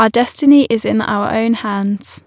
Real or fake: real